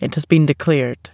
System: none